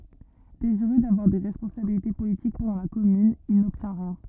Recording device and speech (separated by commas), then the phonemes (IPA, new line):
rigid in-ear microphone, read sentence
deziʁø davwaʁ de ʁɛspɔ̃sabilite politik pɑ̃dɑ̃ la kɔmyn il nɔbtjɛ̃ ʁjɛ̃